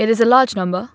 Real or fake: real